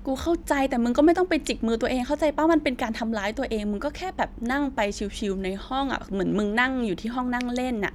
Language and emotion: Thai, frustrated